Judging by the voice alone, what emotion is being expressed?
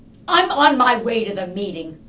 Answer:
angry